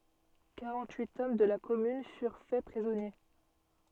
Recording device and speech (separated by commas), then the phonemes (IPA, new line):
soft in-ear microphone, read sentence
kaʁɑ̃t yit ɔm də la kɔmyn fyʁ fɛ pʁizɔnje